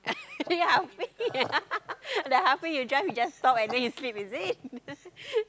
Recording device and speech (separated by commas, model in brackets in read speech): close-talking microphone, conversation in the same room